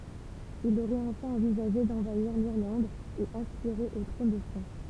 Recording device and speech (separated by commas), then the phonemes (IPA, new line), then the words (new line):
temple vibration pickup, read sentence
il oʁɛt ɑ̃fɛ̃ ɑ̃vizaʒe dɑ̃vaiʁ liʁlɑ̃d e aspiʁe o tʁɔ̃n də fʁɑ̃s
Il aurait enfin envisagé d'envahir l'Irlande et aspiré au trône de France.